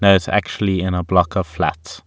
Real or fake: real